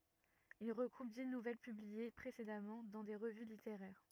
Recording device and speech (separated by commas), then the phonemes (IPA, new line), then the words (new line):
rigid in-ear microphone, read sentence
il ʁəɡʁup di nuvɛl pyblie pʁesedamɑ̃ dɑ̃ de ʁəvy liteʁɛʁ
Il regroupe dix nouvelles publiées précédemment dans des revues littéraires.